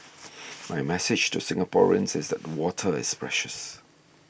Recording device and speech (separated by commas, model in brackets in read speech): boundary microphone (BM630), read sentence